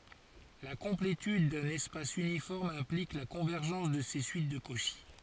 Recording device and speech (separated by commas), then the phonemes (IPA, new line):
forehead accelerometer, read sentence
la kɔ̃pletyd dœ̃n ɛspas ynifɔʁm ɛ̃plik la kɔ̃vɛʁʒɑ̃s də se syit də koʃi